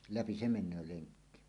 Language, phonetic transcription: Finnish, läpi "se "men̆nöö 'leŋkki .
- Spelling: läpi se menee lenkki

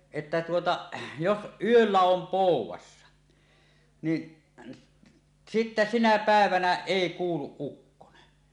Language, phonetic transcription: Finnish, että tuota , 'jos "ˀyöllä 'om "pòuw̆wassa , ni , sittä "sinä 'pä̀evänä "èi "kuuluˀ 'ˀukkone .
- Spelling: että tuota jos yöllä on poudassa niin sitten sinä päivänä ei kuulu ukkonen

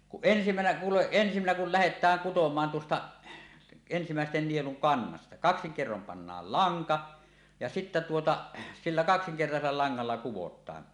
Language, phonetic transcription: Finnish, kuˀ 'ˀensimänä , 'kuuleˀ ˀensimänä kul "lähet̆tääŋ 'kutom̀aan tuosta' , ensimä̀esten nieluŋ 'kannasta , 'kaksiŋ 'kerrom pannaal "laŋka , ja sittä tuota , 'sillä 'kaksiŋkertasella 'laŋŋalla "kuwot̆taan .
- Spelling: kun ensimmäisenä kuulee ensimmäinen kun lähdetään kutomaan tuosta ensimmäisten nielun kannasta kaksin kerroin pannaan lanka ja sitten tuota sillä kaksinkertaisella langalla kudotaan

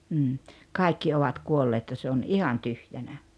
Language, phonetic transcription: Finnish, m̥m̥ 'kài̬kki 'ovat 'kuolleet ja se on "ihan 'tyhjänä .
- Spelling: mm kaikki ovat kuolleet ja se on ihan tyhjänä

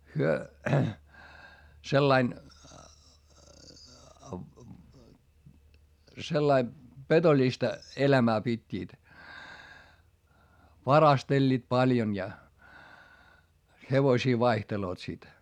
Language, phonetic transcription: Finnish, hyö , sellain , sellai , petoĺista , elämää pit́t́iit , varasteĺĺiit paljon ja , hevośii vaihteloot sit .
- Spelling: he sillä lailla sillä lailla petollista elämää pitivät varastelivat paljon ja hevosia vaihtelevat sitten

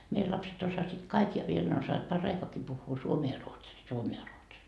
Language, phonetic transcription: Finnish, meil lapset osasit "kaik ja viel ne ossaavat 'par"raikoaki puhhuu 'suomee ja 'ruotsii 'suomee ja 'ruotsii .
- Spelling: meidän lapset osasivat kaikki ja vielä ne osaavat paraikaakin puhua suomea ja ruotsia suomea ja ruotsia

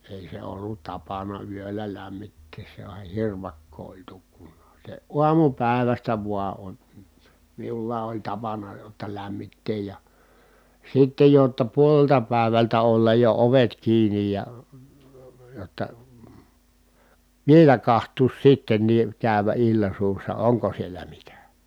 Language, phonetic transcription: Finnish, èi se ollut tapana yöllä lämmittees sehä (oh) hirvakkoo oĺ tukkunnaa se uamupä̀i̮västä vua on , miullaa oĺ tapana jotta lämmitteej ja , sittej jotta puolelta pä̀evältä ollaj jo ovet kiinij ja , jotta , vielä kaht̀uus sittennii , kä̀y̬vä illa suussa oŋko sielä mitä .
- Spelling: ei se ollut tapana yöllä lämmittää sehän oli hirvakkoa oli tukkunaan se aamupäivästä vain on minulla oli tapana jotta lämmittää ja sitten jotta puolelta päivältä olla jo ovet kiinni ja jotta vielä katsoa sittenkin käydä illan suussa onko siellä mitä

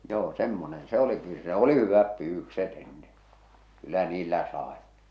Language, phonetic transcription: Finnish, joo "semmonen "se oli kyl- se oli 'hyväp 'pyyvykset ‿enne , 'kyllä niillä 'sàe .
- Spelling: joo semmoinen se oli - se oli hyvät pyydykset ennen kyllä niillä sai

